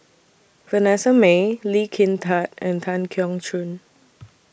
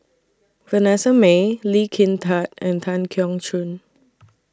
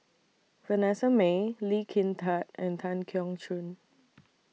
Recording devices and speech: boundary microphone (BM630), standing microphone (AKG C214), mobile phone (iPhone 6), read sentence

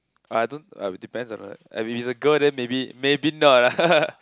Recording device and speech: close-talking microphone, conversation in the same room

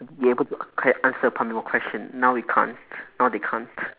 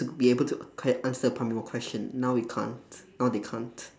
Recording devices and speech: telephone, standing microphone, conversation in separate rooms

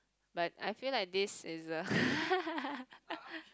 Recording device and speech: close-talking microphone, conversation in the same room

